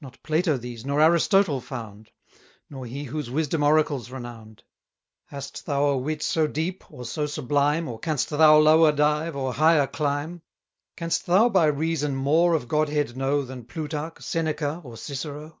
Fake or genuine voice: genuine